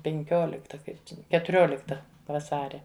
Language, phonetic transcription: Lithuanian, penˈkiolikta ˈkaip čia ketuˈriolikta vaˈsaria

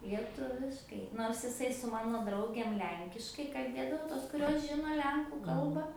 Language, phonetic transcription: Lithuanian, lieˈtuviškai ˈnors iˈsai su ˈmano ˈdraugėm ˈlenkiškai kalˈbėdavo ˈtos kuˈrios ˈžino ˈlenkų ˈkalbą

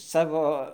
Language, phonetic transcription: Lithuanian, ˈsavo

